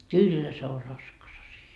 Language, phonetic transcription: Finnish, "kyllä se o 'raskas asi₍a .
- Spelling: kyllä se on raskas asia

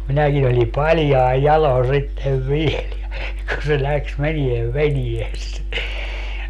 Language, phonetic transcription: Finnish, 'minäkin ‿oĺi 'paĺjai̮ "jalon̬ 'sittev "viel ja , ja kun se 'läks 'meniev "venies .
- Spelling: minäkin oli paljain jaloin sitten vielä ja ja kun se lähti menemään veneessä

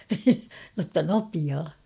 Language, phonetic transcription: Finnish, notta 'nopiaa .
- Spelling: jotta nopeaa

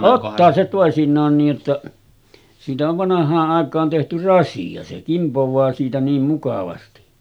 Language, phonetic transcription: Finnish, 'ottaa se tòesiǹaan niij jotta , siitä ov 'vanah̆haa’ ’àek̆kaan tehty "rasi₍a se 'kimpov̀aa siitä niim mukavasti .
- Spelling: ottaa se toisinaan niin jotta siitä on vanhaan aikaan tehty rasia se kimpoaa siitä niin mukavasti

